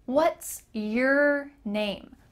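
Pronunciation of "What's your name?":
'What's your name?' is said quickly, and 'your' is reduced so it sounds like 'yer'.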